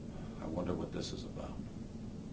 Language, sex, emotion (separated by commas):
English, male, fearful